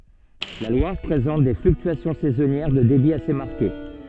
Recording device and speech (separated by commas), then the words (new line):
soft in-ear microphone, read sentence
La Loire présente des fluctuations saisonnières de débit assez marquées.